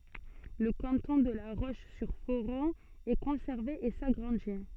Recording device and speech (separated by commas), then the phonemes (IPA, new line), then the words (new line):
soft in-ear microphone, read sentence
lə kɑ̃tɔ̃ də la ʁoʃzyʁfoʁɔ̃ ɛ kɔ̃sɛʁve e saɡʁɑ̃di
Le canton de La Roche-sur-Foron est conservé et s'agrandit.